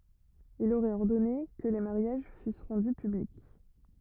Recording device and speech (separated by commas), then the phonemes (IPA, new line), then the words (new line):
rigid in-ear microphone, read sentence
il oʁɛt ɔʁdɔne kə le maʁjaʒ fys ʁɑ̃dy pyblik
Il aurait ordonné que les mariages fussent rendus publics.